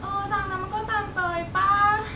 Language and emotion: Thai, frustrated